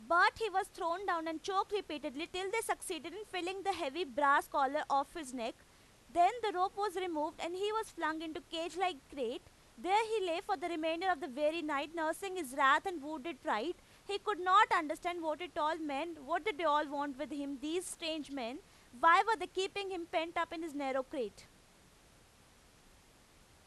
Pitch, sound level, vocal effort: 335 Hz, 95 dB SPL, very loud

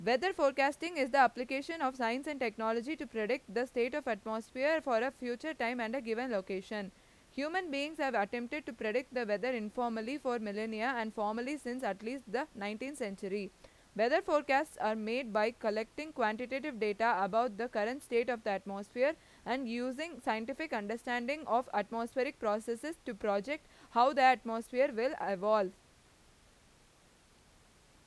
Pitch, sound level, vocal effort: 245 Hz, 92 dB SPL, loud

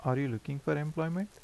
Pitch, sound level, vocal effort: 150 Hz, 80 dB SPL, soft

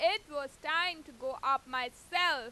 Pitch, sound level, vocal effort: 290 Hz, 101 dB SPL, very loud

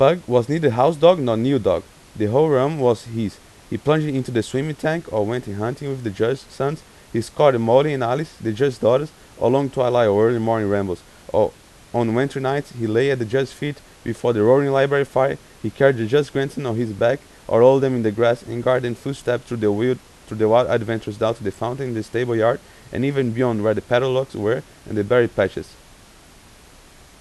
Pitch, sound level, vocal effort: 125 Hz, 89 dB SPL, loud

